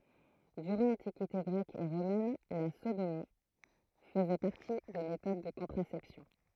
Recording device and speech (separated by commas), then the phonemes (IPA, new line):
throat microphone, read sentence
dyʁɑ̃ lɑ̃tikite ɡʁɛk e ʁomɛn la sodomi fəzɛ paʁti de metod də kɔ̃tʁasɛpsjɔ̃